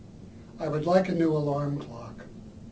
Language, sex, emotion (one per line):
English
male
neutral